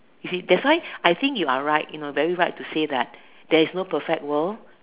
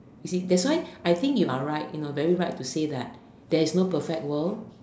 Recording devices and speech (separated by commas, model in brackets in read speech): telephone, standing microphone, conversation in separate rooms